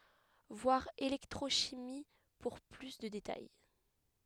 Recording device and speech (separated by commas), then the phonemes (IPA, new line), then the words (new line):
headset microphone, read sentence
vwaʁ elɛktʁoʃimi puʁ ply də detaj
Voir électrochimie pour plus de détails.